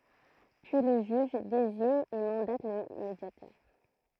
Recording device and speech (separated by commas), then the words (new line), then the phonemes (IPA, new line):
throat microphone, read sentence
Puis le juge désigne et mandate le médiateur.
pyi lə ʒyʒ deziɲ e mɑ̃dat lə medjatœʁ